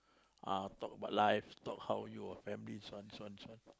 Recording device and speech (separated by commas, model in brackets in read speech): close-talking microphone, conversation in the same room